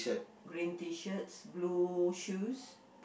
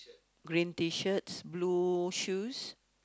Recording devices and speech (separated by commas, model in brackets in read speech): boundary microphone, close-talking microphone, conversation in the same room